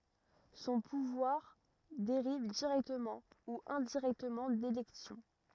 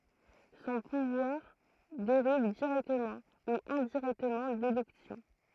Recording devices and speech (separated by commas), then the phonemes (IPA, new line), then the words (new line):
rigid in-ear microphone, throat microphone, read sentence
sɔ̃ puvwaʁ deʁiv diʁɛktəmɑ̃ u ɛ̃diʁɛktəmɑ̃ delɛksjɔ̃
Son pouvoir dérive directement ou indirectement d'élections.